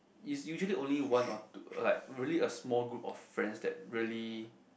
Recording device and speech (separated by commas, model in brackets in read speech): boundary microphone, conversation in the same room